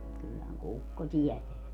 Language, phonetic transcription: Finnish, kyllähäŋ "kukko 'tiɛteä .
- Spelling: kyllähän kukko tietää

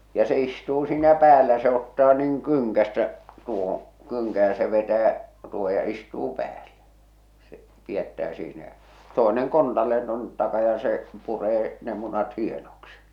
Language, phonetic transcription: Finnish, ja se istuu siinä 'päälä se ‿ottaa nᵘiŋ 'kyŋkästä , 'tuohoo̰ , 'kyŋkä ja se vetää , tuoho ja 'istuu 'päällᴀ̈ , se , 'pi₍ättää siinä jä͔ , 'toeneŋ 'kontalleen tuonnet 'taka ja se , 'puree , ne 'munat 'hienoksi .
- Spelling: ja se istuu siinä päällä se ottaa noin kynkästä tuohon kynkän ja se vetää tuohon ja istuu päälle se pidättää siinä ja toinen kontalleen tuonne taa ja se puree ne munat hienoksi

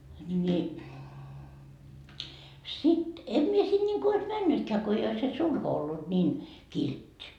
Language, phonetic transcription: Finnish, ni , sit , 'en mie 'sin ńiŋku ois "männytkää ko ei ois se "sulho ollut 'ńiin , "kilt́t́i .
- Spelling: niin sitten en minä sinne niin kuin olisi mennytkään kun ei olisi se sulho ollut niin kiltti

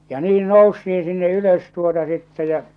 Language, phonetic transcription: Finnish, ja 'niin "nousti₍in̬ sinne 'ylös tuota sittɛ jä͔ .
- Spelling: ja niin noustiin sinne ylös tuota sitten ja

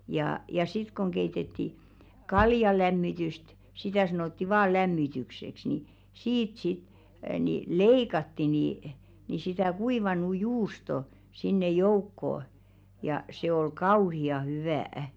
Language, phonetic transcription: Finnish, jaa , ja 'sit koŋ 'keitetti , "kaljalämmityst , 'sitä sanotti "vaa 'lämmitykseks ni , 'siit sit , ni "leikatti nì , sitä 'kuivanu "juusto , sinne 'joukkoo , ja se ol "kauhi₍a 'hyvä̀₍ᵃ̈ .
- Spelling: ja ja sitten kun keitettiin kaljanlämmitystä sitä sanottiin vain lämmitykseksi niin siitä sitten niin leikattiin niin sitä kuivanut juustoa sinne joukkoon ja se oli kauhean hyvää

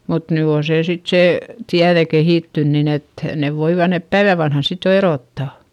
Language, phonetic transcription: Finnish, mut ny oo see sit sè , tiäδe kehìttyn nin ‿et , nev voiva nep päivä vanhan sit jo eròttà .
- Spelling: mutta nyt on se sitten se tiede kehittynyt niin että ne voivat ne päivän vanhana sitten jo erottaa

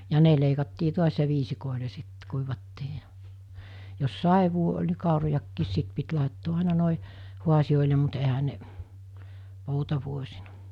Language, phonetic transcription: Finnish, ja 'ne leikattii 'tuas ja viisikòile sit , 'kuivattii ja , jos 'saev̆vuo oĺ ni 'kàurojakkiis 'sit pit làettoo àena nòe , 'huasiʲòile mut ehä ne , 'poutavuosina .
- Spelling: ja ne leikattiin taas ja viisikoille sitten kuivattiin ja jos sadevuosi oli niin kaurojakin sitten piti laittaa aina noin haasioille mutta eihän ne poutavuosina

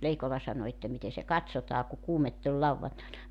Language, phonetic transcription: Finnish, 'Leikola sano että » 'mite se "kat̳s̳otaa ku 'kuumett ‿oĺ 'lauwvantaena « .
- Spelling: Leikola sanoi että miten se katsotaan kun kuumetta oli lauantaina

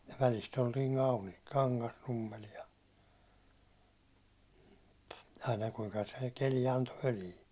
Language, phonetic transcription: Finnish, ja 'välist ‿oltii Malmil , 'Kaŋkasnummel ja , aina kuiŋka se 'keli anto 'völii .
- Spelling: ja välistä oltiin Malmilla Kangasnummella ja aina kuinka se keli antoi völiä

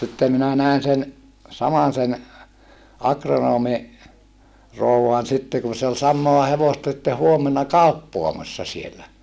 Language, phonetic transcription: Finnish, sittem minä nä̀en sen , samasen , akronoomi , rouwan sitte kun̬ se ol sam̆moa hevosta sⁱtte huomena kàuppoamassa sielä .
- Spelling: sitten minä näin sen samaisen agronomin rouvan sitten kun se oli samaa hevosta sitten huomenna kauppaamassa siellä

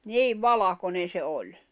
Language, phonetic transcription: Finnish, 'niiv̆ "valakone se 'oĺ .
- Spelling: niin valkoinen se oli

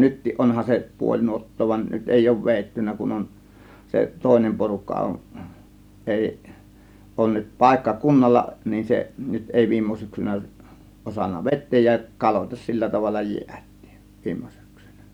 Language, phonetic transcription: Finnish, nyttiˀ "ˀonhan se 'puoĺ 'nuot̀too van , 'nyt 'èi òŭv "vèittynnä kun on , se "tòėnem 'porukka on , 'ˀèi , 'ˀòŭn nyt 'pàėkka "kunnalla nin seˀ , nyt 'èi "viimmo 'syksynä , osanna "vet̆teej ja , 'kaloitas sillä tavalla "jiät̆tIIN , 'viimmO sYksYNÄ .
- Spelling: nytkin onhan se puoli nuottaa vaan nyt ei ole vedetty kun on se toinen porukka on ei ole nyt paikka kunnalla niin se nyt ei viime syksynä osannut vetää ja kaloitta sillä tavalla jäätiin viime syksynä

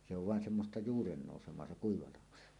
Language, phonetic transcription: Finnish, se ‿ov vàen semmosta "juurennòusem̀oa se "kuiva 'laho .
- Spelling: se on vain semmoista juurennousemaa se kuiva laho

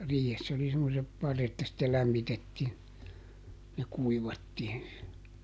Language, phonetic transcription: Finnish, ˈriihess ‿oli semmosep ˈparret ja sittel ˈlämmitettiin , ja ˈkuivattiin se .
- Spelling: riihessä oli semmoiset parret ja sitten lämmitettiin ja kuivattiin se

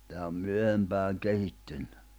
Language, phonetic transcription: Finnish, teä om 'myöhempääŋ 'kehittynɴʏ .
- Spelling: tämä on myöhempään kehittynyt

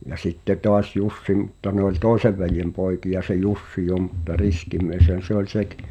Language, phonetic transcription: Finnish, ja 'sitte 'toas "Jussi mᵘtta ne ‿oĺ "tòisev veljem 'pòiki₍a se 'Jussi jo mutta "riski mieshän̬ se ‿ol 'sekᴵ .
- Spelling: ja sitten taas Jussi mutta ne oli toisen veljen poikia se Jussi jo mutta riski mieshän se oli sekin

